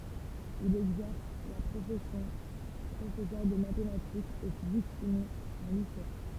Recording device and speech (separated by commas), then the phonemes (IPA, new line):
temple vibration pickup, read sentence
il ɛɡzɛʁs la pʁofɛsjɔ̃ pʁofɛsœʁ də matematikz e fizik ʃimi ɑ̃ lise